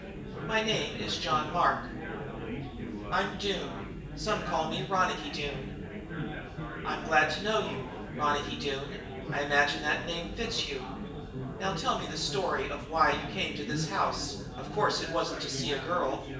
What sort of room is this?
A spacious room.